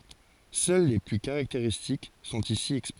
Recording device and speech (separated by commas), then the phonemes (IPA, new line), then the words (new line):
forehead accelerometer, read sentence
sœl le ply kaʁakteʁistik sɔ̃t isi ɛkspoze
Seuls les plus caractéristiques sont ici exposés.